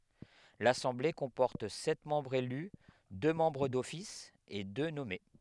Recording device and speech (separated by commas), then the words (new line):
headset microphone, read sentence
L'assemblée comporte sept membres élus, deux membres d'office et deux nommés.